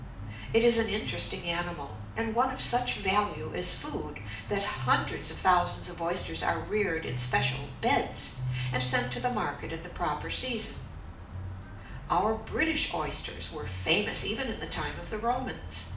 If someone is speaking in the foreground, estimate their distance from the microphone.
2.0 m.